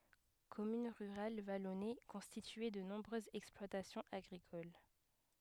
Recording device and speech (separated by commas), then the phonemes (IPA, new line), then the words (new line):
headset microphone, read sentence
kɔmyn ʁyʁal valɔne kɔ̃stitye də nɔ̃bʁøzz ɛksplwatasjɔ̃z aɡʁikol
Commune rurale vallonnée, constituée de nombreuses exploitations agricoles.